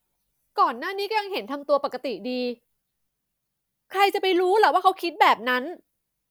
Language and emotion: Thai, frustrated